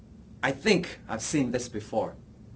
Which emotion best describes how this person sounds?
disgusted